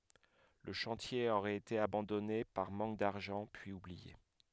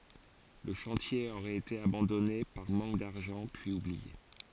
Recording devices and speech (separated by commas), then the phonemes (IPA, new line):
headset microphone, forehead accelerometer, read sentence
lə ʃɑ̃tje oʁɛt ete abɑ̃dɔne paʁ mɑ̃k daʁʒɑ̃ pyiz ublie